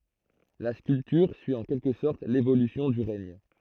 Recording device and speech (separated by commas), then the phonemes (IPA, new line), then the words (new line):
throat microphone, read sentence
la skyltyʁ syi ɑ̃ kɛlkə sɔʁt levolysjɔ̃ dy ʁɛɲ
La sculpture suit en quelque sorte l'évolution du règne.